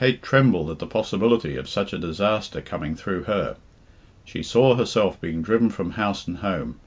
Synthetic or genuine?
genuine